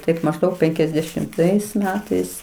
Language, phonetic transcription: Lithuanian, ˈtaip mažˈdaug penkiasdešimˈtais ˈmetais

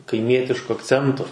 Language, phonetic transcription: Lithuanian, kaiˈmietišku akˈcentu

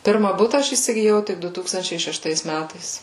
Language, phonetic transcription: Lithuanian, ˈpirma ˈbuta ˈaš įsigiˈjau ˈtik ˈdu ˈtūkstančiai šešˈtais ˈmætais

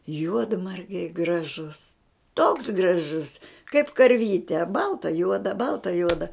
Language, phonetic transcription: Lithuanian, ˈjuodmargiai graˈžus toks graˈžus kaip karˈvyte ˈbalta ˈjuoda ˈbalta ˈjuoda

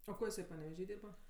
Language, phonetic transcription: Lithuanian, o ˈko jiˈsai paneveˈžy ˈdyrba

